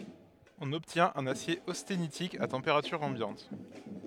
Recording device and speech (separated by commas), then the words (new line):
headset microphone, read sentence
On obtient un acier austénitique à température ambiante.